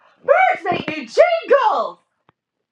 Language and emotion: English, surprised